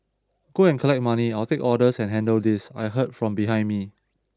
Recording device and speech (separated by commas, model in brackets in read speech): standing microphone (AKG C214), read sentence